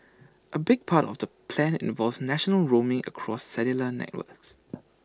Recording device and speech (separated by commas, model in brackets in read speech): standing microphone (AKG C214), read sentence